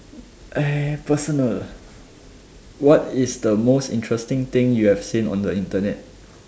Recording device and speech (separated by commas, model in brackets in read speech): standing microphone, conversation in separate rooms